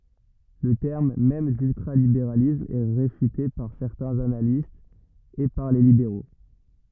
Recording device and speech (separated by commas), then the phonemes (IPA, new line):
rigid in-ear microphone, read sentence
lə tɛʁm mɛm dyltʁalibeʁalism ɛ ʁefyte paʁ sɛʁtɛ̃z analistz e paʁ le libeʁo